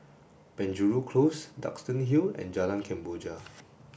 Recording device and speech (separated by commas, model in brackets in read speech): boundary microphone (BM630), read sentence